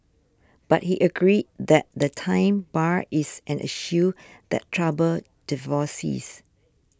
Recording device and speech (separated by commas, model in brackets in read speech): standing microphone (AKG C214), read sentence